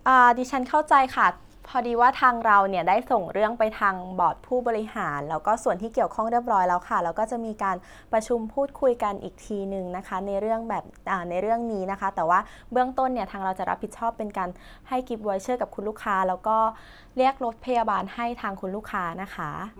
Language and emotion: Thai, neutral